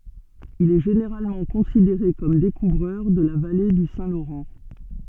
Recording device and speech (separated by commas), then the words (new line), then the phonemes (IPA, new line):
soft in-ear microphone, read sentence
Il est généralement considéré comme découvreur de la vallée du Saint-Laurent.
il ɛ ʒeneʁalmɑ̃ kɔ̃sideʁe kɔm dekuvʁœʁ də la vale dy sɛ̃ loʁɑ̃